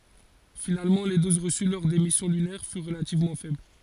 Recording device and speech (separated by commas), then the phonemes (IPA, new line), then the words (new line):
forehead accelerometer, read sentence
finalmɑ̃ le doz ʁəsy lɔʁ de misjɔ̃ lynɛʁ fyʁ ʁəlativmɑ̃ fɛbl
Finalement, les doses reçues lors des missions lunaires furent relativement faibles.